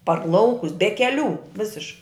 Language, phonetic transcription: Lithuanian, par ˈlaukus be keˈlių ˈvisiš

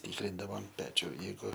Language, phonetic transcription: Lithuanian, ˈtykrindavom ˈpečiu ˈjeigu

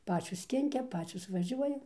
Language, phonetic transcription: Lithuanian, ˈpačios ˈkinkia ˈpačios vaˈžiuoja

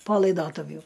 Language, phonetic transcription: Lithuanian, po laiˈdotuvju

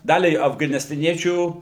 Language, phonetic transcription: Lithuanian, ˈdaliai afganistaˈniečių

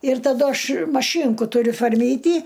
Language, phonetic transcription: Lithuanian, ir taˈdu ˈaš maˈšynku tuˈriu forˈmytį

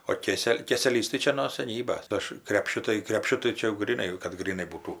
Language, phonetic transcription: Lithuanian, o ˈkėsel' ˈkėselys tai ˈčia no saˈnybas ˈaš ˈkrepšiu tai krepˈšiu tai ˈčia jau gryˈnai kad gryˈnai ˈbūtų

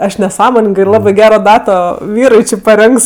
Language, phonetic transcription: Lithuanian, ˈaš neˈsąmoningɜ ir ˈlabɜ ˈgero ˈdato ˈvyrui ˈči paˈrinks

